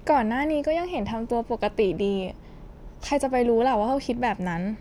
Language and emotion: Thai, frustrated